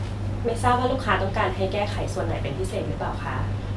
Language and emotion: Thai, neutral